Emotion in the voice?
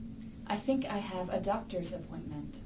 neutral